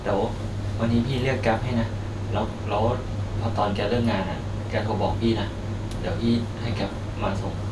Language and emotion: Thai, neutral